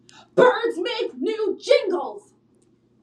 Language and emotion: English, angry